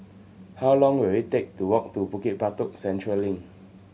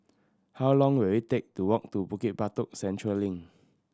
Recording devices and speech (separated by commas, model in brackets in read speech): mobile phone (Samsung C7100), standing microphone (AKG C214), read sentence